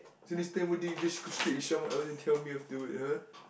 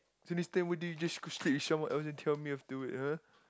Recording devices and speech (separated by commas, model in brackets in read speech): boundary microphone, close-talking microphone, conversation in the same room